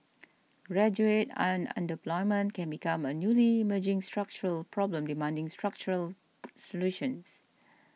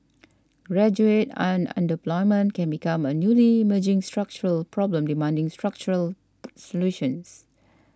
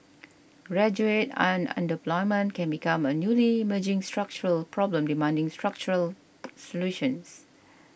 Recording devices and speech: mobile phone (iPhone 6), standing microphone (AKG C214), boundary microphone (BM630), read sentence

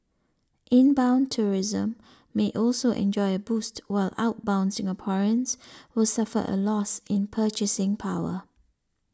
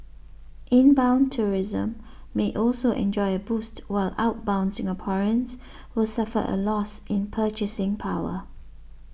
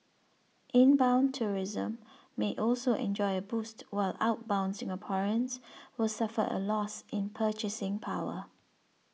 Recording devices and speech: standing microphone (AKG C214), boundary microphone (BM630), mobile phone (iPhone 6), read sentence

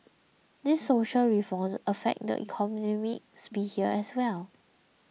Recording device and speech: mobile phone (iPhone 6), read sentence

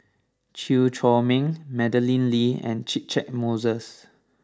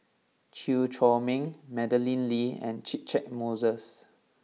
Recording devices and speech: standing microphone (AKG C214), mobile phone (iPhone 6), read sentence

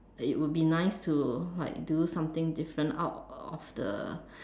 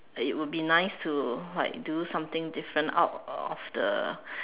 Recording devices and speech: standing microphone, telephone, conversation in separate rooms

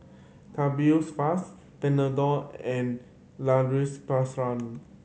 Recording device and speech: mobile phone (Samsung C7100), read sentence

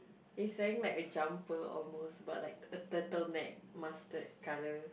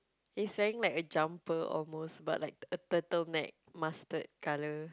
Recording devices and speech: boundary microphone, close-talking microphone, conversation in the same room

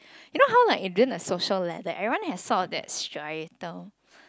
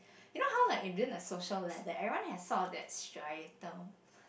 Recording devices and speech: close-talking microphone, boundary microphone, conversation in the same room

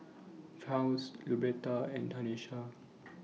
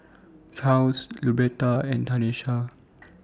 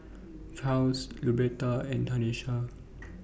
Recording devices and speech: mobile phone (iPhone 6), standing microphone (AKG C214), boundary microphone (BM630), read sentence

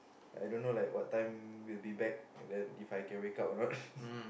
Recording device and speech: boundary microphone, conversation in the same room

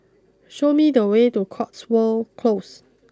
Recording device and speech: close-talking microphone (WH20), read sentence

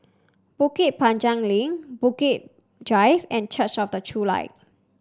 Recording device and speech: standing microphone (AKG C214), read sentence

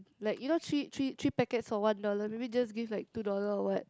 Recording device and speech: close-talking microphone, conversation in the same room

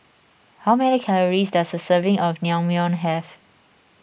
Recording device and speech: boundary microphone (BM630), read sentence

